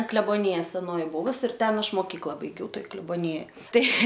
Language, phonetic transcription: Lithuanian, ˈkleboˈnija seˈnoji ˈbuvus ir ˈten ˈaš moˈkykla baiˈgiau ˈtoj kleboˈnijoj ˈtai

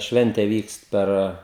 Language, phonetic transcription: Lithuanian, ˈšvente ˈvykst ˈper

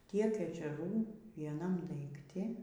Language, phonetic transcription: Lithuanian, ˈtiek ežeˈrų vieˈnam daikˈti

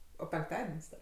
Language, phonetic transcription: Lithuanian, o penkˈtaden's' ˈda

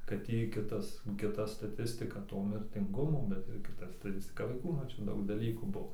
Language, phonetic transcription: Lithuanian, ˈkad jei ˈkitas kiˈta staˈtistika ˈto mirtinˈgumo bet ir ˈkita staˈtistika vaiˈkų ˈnu ˈčia ˈdaug daˈlykų ˈbuo

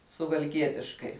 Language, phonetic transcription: Lithuanian, suvalˈkietiškai

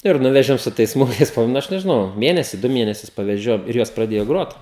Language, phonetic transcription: Lithuanian, ir ˈnuvežiau ˈsu tais ˈsmuikais paˈbuvo ˈnu ˈaš nežiˈnau ˈmėnesi ˈdu ˈmėnesius paveˈžiojau ir ˈjos praˈdėjo ˈgrot

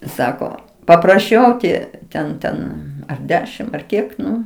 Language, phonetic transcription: Lithuanian, ˈsako papraˈšiau o ˈtie ˈten ˈten ar ˈdešim ar ˈkiek ˈnu

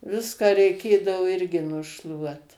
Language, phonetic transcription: Lithuanian, ˈviską reiˈkėdavo ˈirgi nuˈšluot

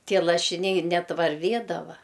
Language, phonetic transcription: Lithuanian, ˈtie lašiˈniai ˈnet varˈvėdava

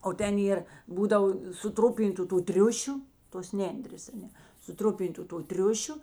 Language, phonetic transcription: Lithuanian, o ˈten ˈėr ˈbūdavo suˈtrupintu tų ˈtriušiu tos ˈnendrės aˈne suˈtrupintu to ˈtriušiu

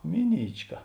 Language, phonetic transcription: Lithuanian, ˈmiˌnyčˌka

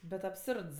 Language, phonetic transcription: Lithuanian, bet abˈsurds

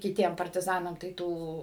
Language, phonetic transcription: Lithuanian, kiˈtiem partiˈzanam tai ˈtų

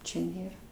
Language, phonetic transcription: Lithuanian, ˈčia ˈnėra

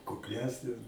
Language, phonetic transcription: Lithuanian, kukˈlesnės

